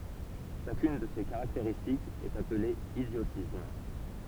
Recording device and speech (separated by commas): temple vibration pickup, read sentence